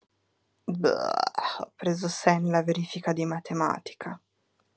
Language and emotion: Italian, disgusted